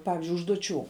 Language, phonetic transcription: Lithuanian, ˈpavizdžiui užduoˈčių

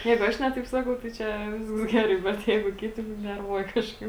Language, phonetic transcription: Lithuanian, ˈjeigu ˈaš ˈne taip ˈsakau tai ˈčia ˈvisks ˈgerai ˈbet ˈjeigu ˈkiti nu ˈnervuoja ˈkažkaip

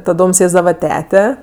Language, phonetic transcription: Lithuanian, taˈdom ˈsėsdava ˈtete

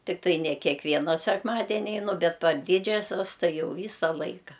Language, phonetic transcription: Lithuanian, tikˈtai ne kekˈviena sekˈmadeni eiˈnu ˈbet par ˈdydžiasias ˈtai ˈjau ˈvysa ˈlaika

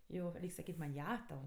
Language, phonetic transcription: Lithuanian, ˈjo ˈreik' saˈkyt' man' ˈja tau

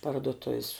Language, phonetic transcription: Lithuanian, pardoˈtuv's

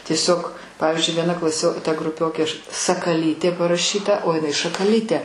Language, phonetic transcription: Lithuanian, tieˈsiog ˈpavizdžiui vieˈna klaˈsio ta gruˈpiokė aš sakaˈlytė paraˈšyta o jiˈnai šakaˈlytė

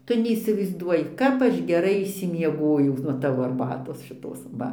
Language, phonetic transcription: Lithuanian, ˈtu neįsivaizˈduoji ˈkap aš geˈrai išsimieˈgojau nuo ˈtavo arˈbatos šiˈtos ˈva

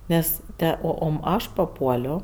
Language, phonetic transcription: Lithuanian, ˈnes ˈte ˈo ˈom ˈaš paˈpuolio

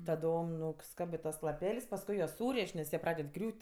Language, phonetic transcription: Lithuanian, taˈdom nuˈskabɜ ˈtuos laˈpel's' pasˈkui juos ˈsūrėš' nes ˈjie ˈpraded ˈgriūt'

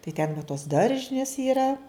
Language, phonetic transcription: Lithuanian, tai ten va tos ˈdaržinės yˈra

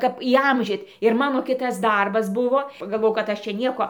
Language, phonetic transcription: Lithuanian, ˈkap įˈamžyt ir ˈmano ˈkitas ˈdarbas ˈbuvo pagalˈvojau kad ˈaš čia ˈnieko

